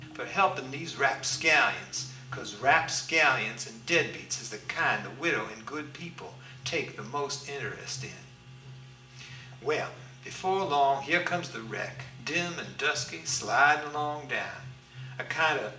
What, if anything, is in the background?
Music.